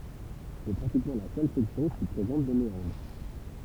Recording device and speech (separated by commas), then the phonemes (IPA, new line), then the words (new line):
temple vibration pickup, read sentence
sɛ pʁatikmɑ̃ la sœl sɛksjɔ̃ ki pʁezɑ̃t de meɑ̃dʁ
C'est pratiquement la seule section qui présente des méandres.